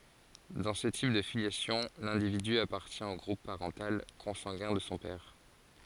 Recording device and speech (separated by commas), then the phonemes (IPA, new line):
forehead accelerometer, read sentence
dɑ̃ sə tip də filjasjɔ̃ lɛ̃dividy apaʁtjɛ̃ o ɡʁup paʁɑ̃tal kɔ̃sɑ̃ɡɛ̃ də sɔ̃ pɛʁ